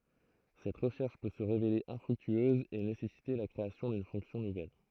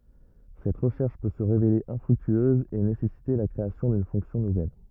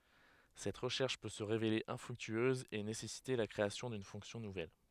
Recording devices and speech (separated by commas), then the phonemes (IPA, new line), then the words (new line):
throat microphone, rigid in-ear microphone, headset microphone, read sentence
sɛt ʁəʃɛʁʃ pø sə ʁevele ɛ̃fʁyktyøz e nesɛsite la kʁeasjɔ̃ dyn fɔ̃ksjɔ̃ nuvɛl
Cette recherche peut se révéler infructueuse et nécessiter la création d'une fonction nouvelle.